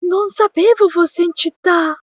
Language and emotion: Italian, fearful